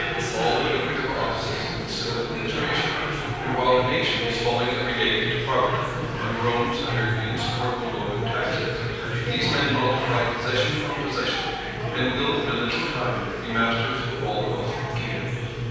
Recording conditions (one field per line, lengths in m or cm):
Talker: one person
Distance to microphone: 7.1 m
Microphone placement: far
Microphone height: 1.7 m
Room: very reverberant, large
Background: babble